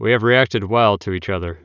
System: none